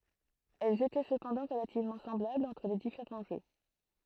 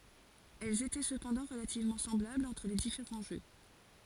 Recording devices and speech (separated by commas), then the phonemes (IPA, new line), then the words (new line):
throat microphone, forehead accelerometer, read sentence
ɛlz etɛ səpɑ̃dɑ̃ ʁəlativmɑ̃ sɑ̃blablz ɑ̃tʁ le difeʁɑ̃ ʒø
Elles étaient cependant relativement semblables entre les différents jeux.